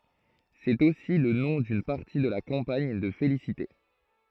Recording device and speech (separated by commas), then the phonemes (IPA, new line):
throat microphone, read sentence
sɛt osi lə nɔ̃ dyn paʁti də la kɑ̃paɲ də felisite